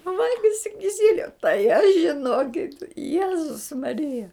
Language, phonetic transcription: Lithuanian, ˈvalgisi kiˈsiliu tai aš žiˈnokit ˈjezus maˈrija

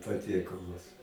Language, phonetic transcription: Lithuanian, paˈtiekalus

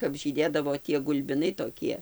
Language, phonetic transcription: Lithuanian, kap žyˈdėdavo tie gulbiˈnai toˈkie

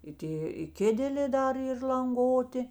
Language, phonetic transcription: Lithuanian, i ˈtė i ˈkėdelė ˈdar ˈyr lanˈgoti

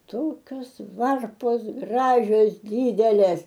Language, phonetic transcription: Lithuanian, ˈtokios ˈvarpos ˈgražios ˈdydelės

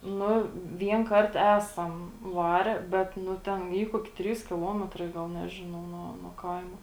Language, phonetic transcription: Lithuanian, ˈnu ˈvien ˈkart ˈesam ˈvare ˈbet ˈnu ˈten ˈy ˈkuoki ˈtrys kiˈlometrai ˈgal ˈnežinau nuo nuo ˈkaimo

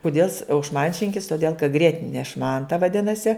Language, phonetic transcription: Lithuanian, kuˈdėl is au šˈmančinkis toˈdėl ka ˈgrietine ˈšmanta vaˈdinasi

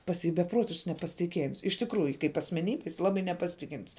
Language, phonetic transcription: Lithuanian, pas ˈjį beˈprotišks nepasitiˈkiejims iš tikˈrųju kaip asmeˈnybe jis ˈlabai nepaˈsitikin't's

